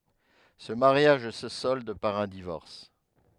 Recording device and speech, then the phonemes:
headset microphone, read sentence
sə maʁjaʒ sə sɔld paʁ œ̃ divɔʁs

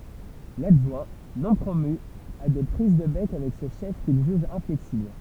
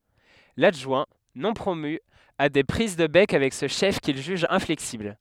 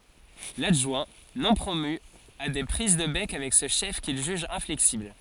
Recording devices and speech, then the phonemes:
temple vibration pickup, headset microphone, forehead accelerometer, read sentence
ladʒwɛ̃ nɔ̃ pʁomy a de pʁiz də bɛk avɛk sə ʃɛf kil ʒyʒ ɛ̃flɛksibl

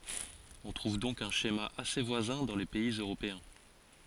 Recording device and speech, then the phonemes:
forehead accelerometer, read sentence
ɔ̃ tʁuv dɔ̃k œ̃ ʃema ase vwazɛ̃ dɑ̃ le pɛiz øʁopeɛ̃

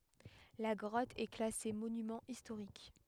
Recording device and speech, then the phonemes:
headset microphone, read sentence
la ɡʁɔt ɛ klase monymɑ̃ istoʁik

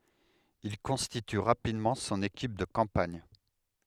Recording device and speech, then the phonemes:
headset microphone, read sentence
il kɔ̃stity ʁapidmɑ̃ sɔ̃n ekip də kɑ̃paɲ

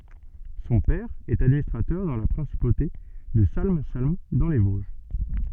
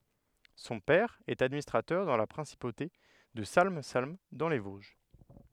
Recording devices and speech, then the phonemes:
soft in-ear microphone, headset microphone, read sentence
sɔ̃ pɛʁ ɛt administʁatœʁ dɑ̃ la pʁɛ̃sipote də salm salm dɑ̃ le voʒ

